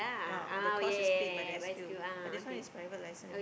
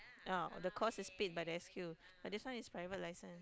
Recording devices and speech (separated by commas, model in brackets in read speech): boundary microphone, close-talking microphone, conversation in the same room